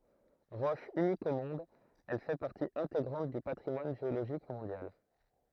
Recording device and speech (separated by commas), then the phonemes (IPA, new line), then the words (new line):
throat microphone, read sentence
ʁɔʃ ynik o mɔ̃d ɛl fɛ paʁti ɛ̃teɡʁɑ̃t dy patʁimwan ʒeoloʒik mɔ̃djal
Roche unique au monde, elle fait partie intégrante du patrimoine géologique mondial.